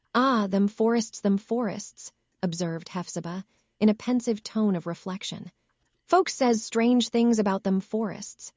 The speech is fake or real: fake